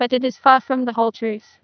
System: TTS, neural waveform model